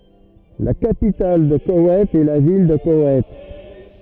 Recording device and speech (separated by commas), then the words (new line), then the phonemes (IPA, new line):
rigid in-ear microphone, read sentence
La capitale de Koweït est la ville de Koweït.
la kapital də kowɛjt ɛ la vil də kowɛjt